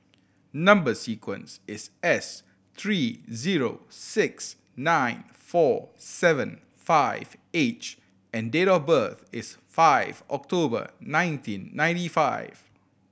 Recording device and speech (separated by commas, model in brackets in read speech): boundary microphone (BM630), read sentence